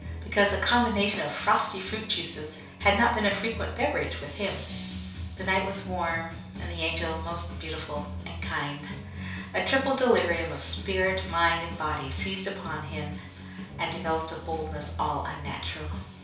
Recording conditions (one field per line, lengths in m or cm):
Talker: one person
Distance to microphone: 3.0 m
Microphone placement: far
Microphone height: 1.8 m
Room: small (3.7 m by 2.7 m)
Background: music